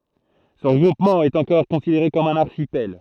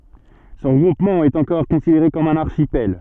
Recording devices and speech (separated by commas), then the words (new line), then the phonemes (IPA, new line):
throat microphone, soft in-ear microphone, read sentence
Ce regroupement est encore considéré comme un archipel.
sə ʁəɡʁupmɑ̃ ɛt ɑ̃kɔʁ kɔ̃sideʁe kɔm œ̃n aʁʃipɛl